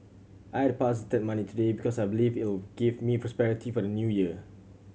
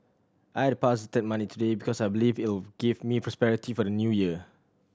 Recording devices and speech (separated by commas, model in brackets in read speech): mobile phone (Samsung C7100), standing microphone (AKG C214), read sentence